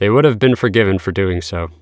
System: none